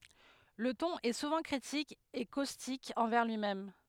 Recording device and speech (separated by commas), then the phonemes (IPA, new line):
headset microphone, read sentence
lə tɔ̃n ɛ suvɑ̃ kʁitik e kostik ɑ̃vɛʁ lyimɛm